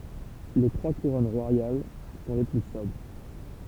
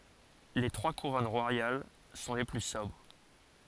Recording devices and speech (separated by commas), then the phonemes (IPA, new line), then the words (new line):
temple vibration pickup, forehead accelerometer, read sentence
le tʁwa kuʁɔn ʁwajal sɔ̃ le ply sɔbʁ
Les trois couronnes royales sont les plus sobres.